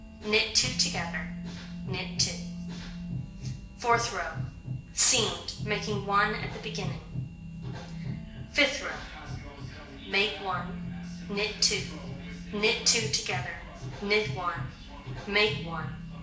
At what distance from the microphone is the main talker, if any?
1.8 m.